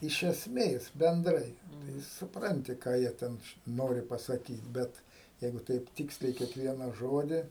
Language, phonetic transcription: Lithuanian, iš esˈmės benˈdrai tai supˈranti ˈką jie ˈten ˈnori pasaˈkyt ˈbet ˈjeigu ˈtaip ˈtyksliai kiekˈviena ˈžodi

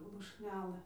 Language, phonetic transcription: Lithuanian, lušˈnelɘ

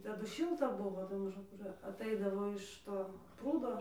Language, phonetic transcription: Lithuanian, ˈtadu ˈšilta ˈbuvo tai maˈžum ˈkur atˈaidavo iš ˈto ˈprūdo

